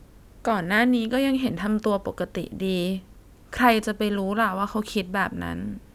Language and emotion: Thai, sad